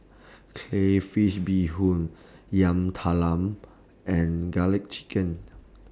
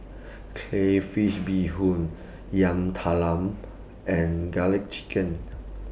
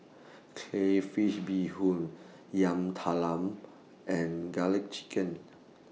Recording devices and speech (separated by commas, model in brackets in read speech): standing microphone (AKG C214), boundary microphone (BM630), mobile phone (iPhone 6), read sentence